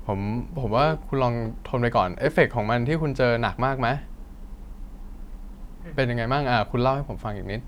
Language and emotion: Thai, neutral